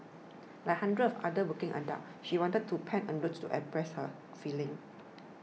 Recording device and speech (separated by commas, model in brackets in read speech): mobile phone (iPhone 6), read sentence